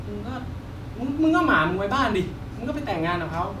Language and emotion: Thai, frustrated